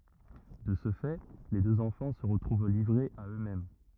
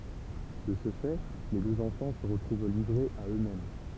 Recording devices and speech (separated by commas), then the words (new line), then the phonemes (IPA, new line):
rigid in-ear microphone, temple vibration pickup, read sentence
De ce fait, les deux enfants se retrouvent livrés à eux-mêmes.
də sə fɛ le døz ɑ̃fɑ̃ sə ʁətʁuv livʁez a ø mɛm